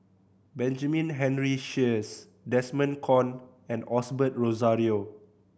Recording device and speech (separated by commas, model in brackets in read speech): boundary microphone (BM630), read sentence